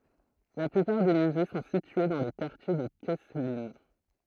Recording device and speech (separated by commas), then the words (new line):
throat microphone, read sentence
La plupart des musées sont situés dans le quartier de Kesklinn.